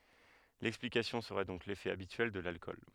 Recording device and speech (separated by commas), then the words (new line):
headset microphone, read sentence
L'explication serait donc l'effet habituel de l'alcool.